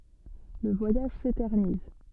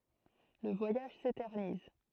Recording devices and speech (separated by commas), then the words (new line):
soft in-ear microphone, throat microphone, read sentence
Le voyage s'éternise.